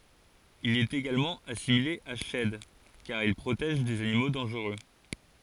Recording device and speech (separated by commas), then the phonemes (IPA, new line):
forehead accelerometer, read sentence
il ɛt eɡalmɑ̃ asimile a ʃɛd kaʁ il pʁotɛʒ dez animo dɑ̃ʒʁø